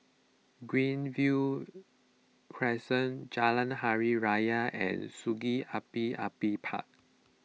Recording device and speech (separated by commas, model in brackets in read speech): mobile phone (iPhone 6), read sentence